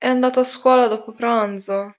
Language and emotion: Italian, sad